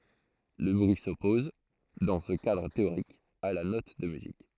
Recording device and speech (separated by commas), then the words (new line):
throat microphone, read sentence
Le bruit s'oppose, dans ce cadre théorique, à la note de musique.